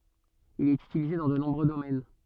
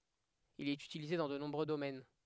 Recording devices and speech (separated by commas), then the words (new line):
soft in-ear microphone, headset microphone, read sentence
Il est utilisé dans de nombreux domaines.